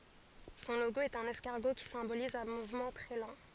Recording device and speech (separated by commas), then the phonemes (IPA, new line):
forehead accelerometer, read sentence
sɔ̃ loɡo ɛt œ̃n ɛskaʁɡo ki sɛ̃boliz œ̃ muvmɑ̃ tʁɛ lɑ̃